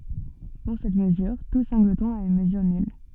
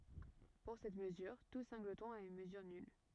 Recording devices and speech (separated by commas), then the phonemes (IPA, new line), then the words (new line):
soft in-ear microphone, rigid in-ear microphone, read sentence
puʁ sɛt məzyʁ tu sɛ̃ɡlətɔ̃ a yn məzyʁ nyl
Pour cette mesure, tout singleton a une mesure nulle.